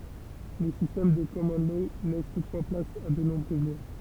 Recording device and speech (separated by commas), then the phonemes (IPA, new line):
temple vibration pickup, read sentence
le sistɛm də kɔmɔn lɔ lɛs tutfwa plas a də nɔ̃bʁøz lwa